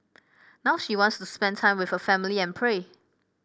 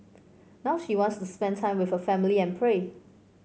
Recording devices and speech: boundary microphone (BM630), mobile phone (Samsung C5), read sentence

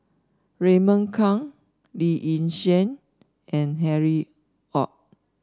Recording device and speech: standing microphone (AKG C214), read sentence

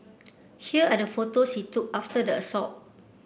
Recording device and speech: boundary microphone (BM630), read sentence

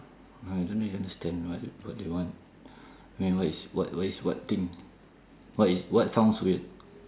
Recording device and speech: standing microphone, conversation in separate rooms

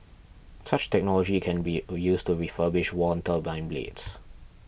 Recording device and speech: boundary microphone (BM630), read sentence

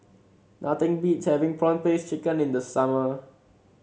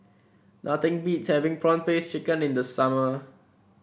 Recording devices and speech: mobile phone (Samsung C7), boundary microphone (BM630), read sentence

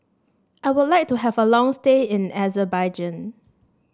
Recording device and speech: standing microphone (AKG C214), read sentence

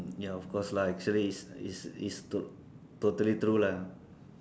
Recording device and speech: standing microphone, conversation in separate rooms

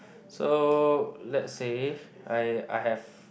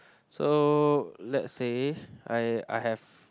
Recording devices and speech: boundary microphone, close-talking microphone, conversation in the same room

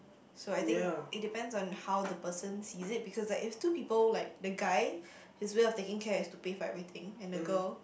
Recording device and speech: boundary microphone, conversation in the same room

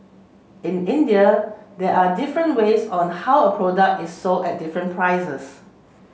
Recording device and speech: mobile phone (Samsung C7), read sentence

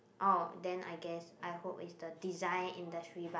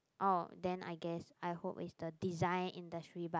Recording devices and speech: boundary microphone, close-talking microphone, conversation in the same room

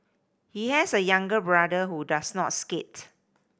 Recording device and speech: boundary microphone (BM630), read sentence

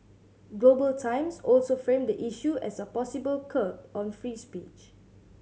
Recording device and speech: mobile phone (Samsung C7100), read sentence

